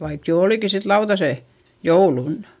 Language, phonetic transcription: Finnish, vaik jo òliki sit lautasè , joulunnA .
- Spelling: vaikka jo olikin sitten lautaset jouluna

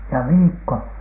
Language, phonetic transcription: Finnish, ja "viikko .
- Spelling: ja viikko

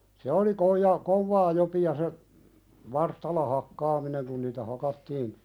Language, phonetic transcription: Finnish, se oli 'koija- , 'kovvaa jopi₍a se , 'varstalla "hakkaamineŋ kun niitä 'hakattiin ,.
- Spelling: se oli - kovaa jopia se varstalla hakkaaminen kun niitä hakattiin

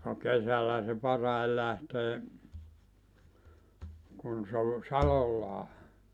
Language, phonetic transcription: Finnish, no 'kesäl̆läʰä se 'parai lähtee , kun se o , "salollaa .
- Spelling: no kesällähän se parhaiten lähtee kun se on salolla

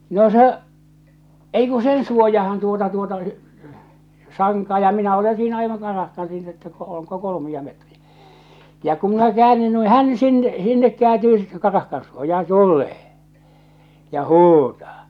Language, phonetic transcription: Finnish, 'no 'se , ei ku "sen 'suojahan tuota tuota , 'saŋkaa ja 'minä ole siinä aivaŋ 'karahkan siinä että ko- ooŋko 'kolomi₍a metri₍ᴀ̈ , ja ku minä 'kᵉäännyn nui "hän sin- "sinnek 'kᵉääntyy sittᴇ karahkan suoja₍an "tullee , ja "huutaa .
- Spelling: no se ei kun sen suojaan tuota tuota sankaa ja minä olen siinä aivan karahkan siinä että - onko kolmea metriä ja kun minä käännyn noin hän - sinne kääntyy sitten karahkan suojaan tulee ja huutaa

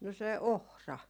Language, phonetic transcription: Finnish, no se "ohra .
- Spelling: no se ohra

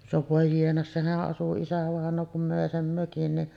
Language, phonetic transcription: Finnish, no vòe jiena , "sehäˀ 'ˀasu 'isävàeǹoo kum mö̀e "sem 'mökin niˀ ,.
- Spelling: no voi jiena sehän asui isävainaja kun möi sen mökin niin

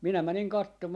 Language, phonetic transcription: Finnish, 'minä 'mäniŋ 'kattomaa .
- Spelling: minä menin katsomaan

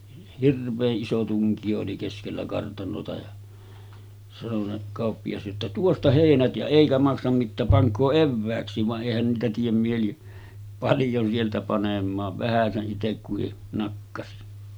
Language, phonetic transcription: Finnish, 'hirv̆vee’ ’iso tuŋkiʲo oli 'keskellä 'kartanota ja , sano se 'kàoppijas jotta » "tuosta 'hèinät jä 'èikä maksam mittääp 'paŋk̆koo "evvääks̀iiv « va’ ’èihän niitä tiem mieli , 'paljon sieltä panem̆maav 'vähäse’ ’itekkuhi , nakkasi .
- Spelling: hirveän iso tunkio oli keskellä kartanoa ja sanoi se kauppias jotta tuosta heinät ja eikä maksa mitään pankaa evääksikin vaan eihän niitä tee mieli paljon sieltä panemaan vähäsen itse kukin nakkasi

